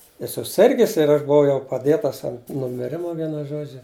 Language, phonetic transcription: Lithuanian, i suˈsirgis ir ˈaš buˈvau jau paˈdėtas ant numiˈrima ˈvienu ˈžodžiu

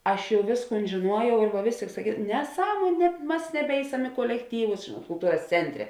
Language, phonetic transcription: Lithuanian, ˈaš ˈjau ˈvėsˌkūn žėˈnuojau ir va ˈvės tėik saˈkys neˈsąmuon' ne ˈmas neˈbeisem i kuolekˈtyvus žėnuot kulˈtūras ˈcentˌre

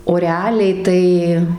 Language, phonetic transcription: Lithuanian, o reˈaliai tai

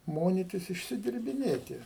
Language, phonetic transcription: Lithuanian, ˈmonitis išsidirbiˈnėti

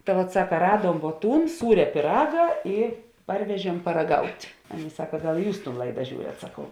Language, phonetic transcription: Lithuanian, ta vat ˈsaka ˈraduom vuo ˈtūn ˈsūria pyˈraga ˈi ˈparvežiem paraˈgaut' ˈaˌnėi ˈsaka ˈgal ˈjūs tūn ˈlaida ˈžiūriat saˈkau

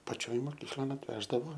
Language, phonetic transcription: Lithuanian, paˈčioj moˈkyklon atˈveždavo

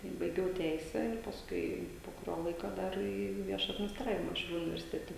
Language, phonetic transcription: Lithuanian, tai baiˈgiau ˈteisę ir pasˈkui po kuˈrio ˈlaiko ˈdar į ˈvieša adminisˈtravima šiauˈlių universiˈtete

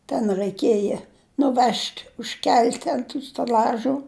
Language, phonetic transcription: Lithuanian, ten raiˈkėja nuˈvež't' užˈkel't' ant tų steˈl'ažų

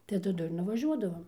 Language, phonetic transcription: Lithuanian, tai taˈdu ir nuvaˈžiuodavom

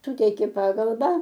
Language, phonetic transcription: Lithuanian, ˈsuteikė ˈpagalba

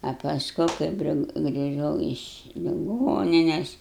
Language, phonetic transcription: Lithuanian, a pasˈku ˈkaip gri griˈžau iš liˈgonines

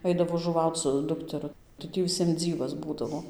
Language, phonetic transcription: Lithuanian, ˈaidavo žuˈvauc su ˈdukteru tai ˈtį viˈsiem ˈdzyvas ˈbūdavo

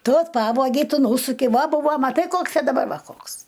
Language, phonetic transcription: Lithuanian, ˈtu ˈpavogei ˈtu ˈnūsukei ˈva ˈbūvo maˈtai ˈkoks a daˈbar ˈva ˈkoks

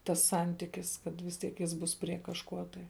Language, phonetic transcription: Lithuanian, tas ˈsantikis kad vis ˈtiek ˈjis ˈbus prie kažˈkuo tai

